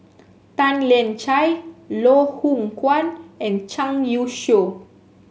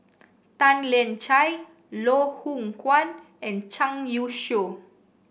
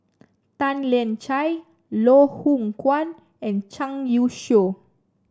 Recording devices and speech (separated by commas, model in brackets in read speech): mobile phone (Samsung S8), boundary microphone (BM630), standing microphone (AKG C214), read sentence